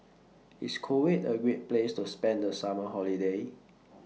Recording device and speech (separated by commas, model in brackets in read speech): mobile phone (iPhone 6), read sentence